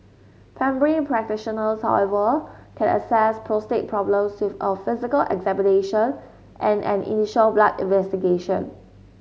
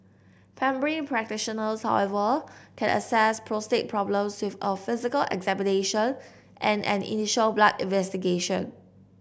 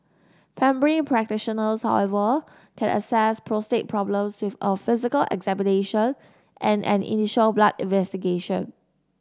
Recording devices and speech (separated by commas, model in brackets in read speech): mobile phone (Samsung S8), boundary microphone (BM630), standing microphone (AKG C214), read sentence